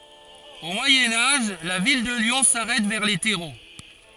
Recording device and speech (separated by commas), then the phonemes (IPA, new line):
forehead accelerometer, read sentence
o mwajɛ̃ aʒ la vil də ljɔ̃ saʁɛt vɛʁ le tɛʁo